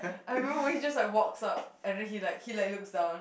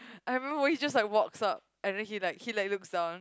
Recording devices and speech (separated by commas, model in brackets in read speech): boundary microphone, close-talking microphone, conversation in the same room